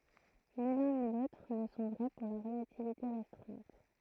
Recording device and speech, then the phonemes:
throat microphone, read sentence
ni lœ̃ ni lotʁ nə sɔ̃ vʁɛ puʁ la ʁəlativite ʁɛstʁɛ̃t

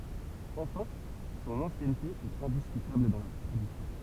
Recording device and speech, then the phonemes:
temple vibration pickup, read sentence
ɑ̃fɛ̃ sɔ̃n ɑ̃sjɛnte ɛt ɛ̃diskytabl dɑ̃ la tʁadisjɔ̃

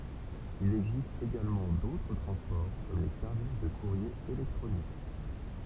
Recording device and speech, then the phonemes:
temple vibration pickup, read sentence
il ɛɡzist eɡalmɑ̃ dotʁ tʁɑ̃spɔʁ kɔm le sɛʁvis də kuʁje elɛktʁonik

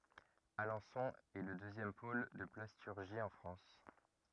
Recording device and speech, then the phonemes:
rigid in-ear microphone, read sentence
alɑ̃sɔ̃ ɛ lə døzjɛm pol də plastyʁʒi ɑ̃ fʁɑ̃s

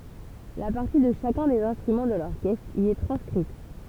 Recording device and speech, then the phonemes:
temple vibration pickup, read sentence
la paʁti də ʃakœ̃ dez ɛ̃stʁymɑ̃ də lɔʁkɛstʁ i ɛ tʁɑ̃skʁit

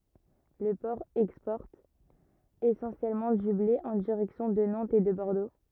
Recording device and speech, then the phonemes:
rigid in-ear microphone, read sentence
lə pɔʁ ɛkspɔʁt esɑ̃sjɛlmɑ̃ dy ble ɑ̃ diʁɛksjɔ̃ də nɑ̃tz e də bɔʁdo

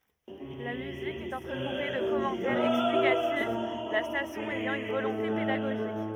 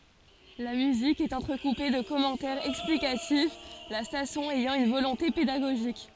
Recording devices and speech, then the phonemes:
rigid in-ear microphone, forehead accelerometer, read sentence
la myzik ɛt ɑ̃tʁəkupe də kɔmɑ̃tɛʁz ɛksplikatif la stasjɔ̃ ɛjɑ̃ yn volɔ̃te pedaɡoʒik

